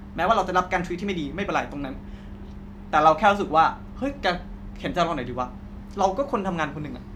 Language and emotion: Thai, frustrated